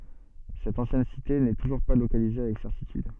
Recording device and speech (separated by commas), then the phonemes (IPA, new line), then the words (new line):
soft in-ear microphone, read sentence
sɛt ɑ̃sjɛn site nɛ tuʒuʁ pa lokalize avɛk sɛʁtityd
Cette ancienne cité n'est toujours pas localisée avec certitude.